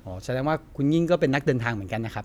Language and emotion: Thai, neutral